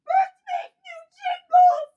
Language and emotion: English, fearful